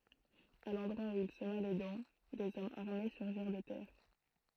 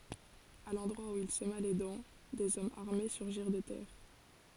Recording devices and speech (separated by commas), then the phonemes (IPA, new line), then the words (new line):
throat microphone, forehead accelerometer, read sentence
a lɑ̃dʁwa u il səma le dɑ̃ dez ɔmz aʁme syʁʒiʁ də tɛʁ
À l’endroit où il sema les dents, des hommes armés surgirent de terre.